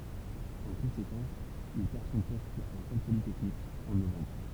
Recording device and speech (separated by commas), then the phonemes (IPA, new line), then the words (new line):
temple vibration pickup, read sentence
ɑ̃ kɔ̃sekɑ̃s il pɛʁ sɔ̃ pɔst a lekɔl politɛknik ɑ̃ novɑ̃bʁ
En conséquence, il perd son poste à l’École polytechnique en novembre.